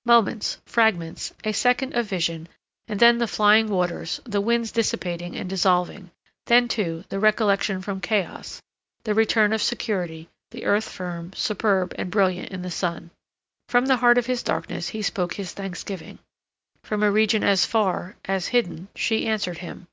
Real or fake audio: real